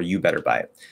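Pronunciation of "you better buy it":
In 'you better buy it', the word 'had' is dropped completely, so 'you' runs straight into 'better' with no d sound.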